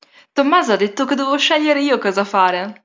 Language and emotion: Italian, happy